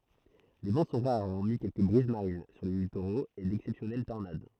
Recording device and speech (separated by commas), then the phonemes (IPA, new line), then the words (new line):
throat microphone, read sentence
le vɑ̃ sɔ̃ ʁaʁ ɔʁmi kɛlkə bʁiz maʁin syʁ le litoʁoz e dɛksɛpsjɔnɛl tɔʁnad
Les vents sont rares hormis quelques brises marines sur les littoraux et d'exceptionnelles tornades.